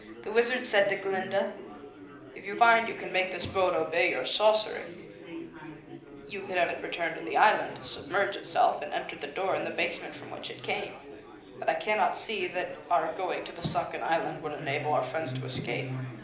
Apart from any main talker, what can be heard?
Crowd babble.